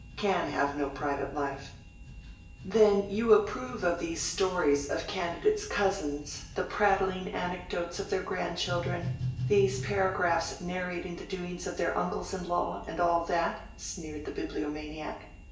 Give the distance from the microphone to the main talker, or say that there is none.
1.8 m.